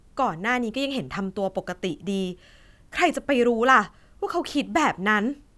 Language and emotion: Thai, frustrated